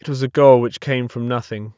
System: none